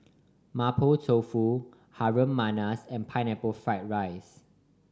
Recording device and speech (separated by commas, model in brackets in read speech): standing microphone (AKG C214), read sentence